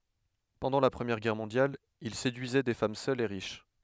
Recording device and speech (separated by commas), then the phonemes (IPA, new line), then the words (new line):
headset microphone, read sentence
pɑ̃dɑ̃ la pʁəmjɛʁ ɡɛʁ mɔ̃djal il sedyizɛ de fam sœlz e ʁiʃ
Pendant la Première Guerre mondiale, il séduisait des femmes seules et riches.